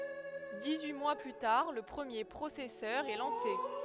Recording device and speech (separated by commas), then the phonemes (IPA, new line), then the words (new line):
headset microphone, read sentence
dis yi mwa ply taʁ lə pʁəmje pʁosɛsœʁ ɛ lɑ̃se
Dix-huit mois plus tard, le premier processeur est lancé.